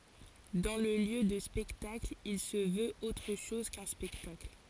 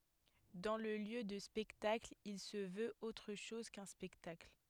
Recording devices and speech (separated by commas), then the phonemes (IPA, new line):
forehead accelerometer, headset microphone, read sentence
dɑ̃ lə ljø də spɛktakl il sə vøt otʁ ʃɔz kœ̃ spɛktakl